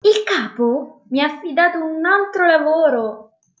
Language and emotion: Italian, happy